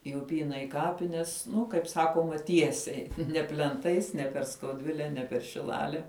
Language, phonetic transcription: Lithuanian, i uˈpyna i ˈkapines ˈnu kaip ˈsakoma ˈtiesiai ne plenˈtais ne per skauˈdvile ne per šiˈlale

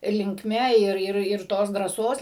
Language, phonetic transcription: Lithuanian, linkˈme ˈir ˈir ir ˈtos drąˈsos

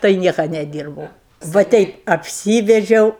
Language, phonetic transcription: Lithuanian, tai ˈnieka neˈdyrbau va ˈteip apˈsyvedžiau

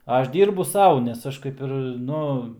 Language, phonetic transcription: Lithuanian, ˈaš ˈdyrbu ˈsau nes ˈaš kaip ˈir ˈnu

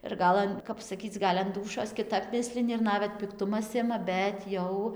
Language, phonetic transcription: Lithuanian, ir ˈgal an ˈkap saˈkyc ˈgal' an ˈdūšios kiˈtap ˈmislini ir ˈnavet pikˈtumas ˈima ˈbet jau

